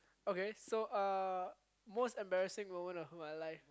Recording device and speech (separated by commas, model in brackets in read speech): close-talking microphone, conversation in the same room